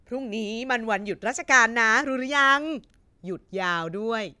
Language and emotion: Thai, happy